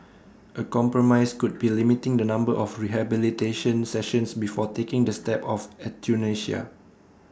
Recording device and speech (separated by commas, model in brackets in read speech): standing microphone (AKG C214), read sentence